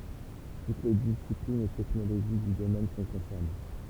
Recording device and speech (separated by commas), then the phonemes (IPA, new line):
temple vibration pickup, read sentence
tut le disiplinz e tɛknoloʒi dy domɛn sɔ̃ kɔ̃sɛʁne